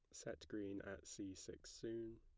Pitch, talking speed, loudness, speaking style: 100 Hz, 185 wpm, -52 LUFS, plain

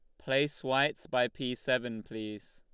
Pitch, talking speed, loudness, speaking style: 125 Hz, 155 wpm, -32 LUFS, Lombard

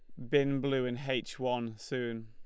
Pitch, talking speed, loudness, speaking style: 125 Hz, 185 wpm, -33 LUFS, Lombard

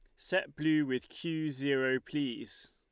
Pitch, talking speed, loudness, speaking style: 150 Hz, 145 wpm, -33 LUFS, Lombard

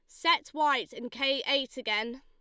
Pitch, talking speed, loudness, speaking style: 275 Hz, 180 wpm, -29 LUFS, Lombard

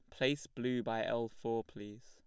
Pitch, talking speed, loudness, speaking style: 115 Hz, 195 wpm, -38 LUFS, plain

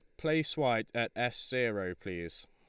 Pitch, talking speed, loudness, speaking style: 115 Hz, 160 wpm, -33 LUFS, Lombard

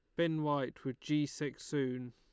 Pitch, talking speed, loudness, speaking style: 145 Hz, 190 wpm, -37 LUFS, Lombard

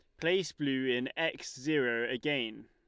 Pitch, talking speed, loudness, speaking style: 135 Hz, 145 wpm, -33 LUFS, Lombard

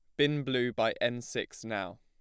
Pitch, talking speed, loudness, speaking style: 125 Hz, 200 wpm, -32 LUFS, plain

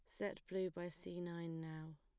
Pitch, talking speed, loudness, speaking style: 170 Hz, 200 wpm, -47 LUFS, plain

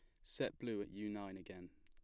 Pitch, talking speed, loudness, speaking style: 100 Hz, 245 wpm, -46 LUFS, plain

